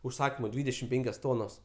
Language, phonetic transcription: Lithuanian, užˈsakymu ˈdvydešim ˈpenkios ˈtonos

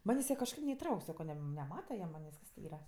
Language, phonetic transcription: Lithuanian, ˈmanės' ti kažˈkaip neiˈtrauk' ˈsako ˈnem neˈmata jie ˈmanės' ˈyra

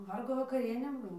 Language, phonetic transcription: Lithuanian, ˈvargo vakaˈrienė ˈbuo

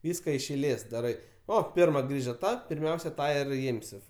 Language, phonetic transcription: Lithuanian, ˈvyska iš eiˈlės daˈrai ˈo ˈpirma ˈgrįža ˈta pirˈmiausia ˈtą ir ˈimsi

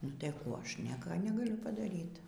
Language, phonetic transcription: Lithuanian, nu tai ˈkų ˈaš ˈnieka negaˈliu padaˈryt

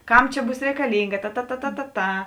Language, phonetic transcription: Lithuanian, ˈkam ˈčia ˈbūs rekaˈlynga ta ta ta ta ta ˈta

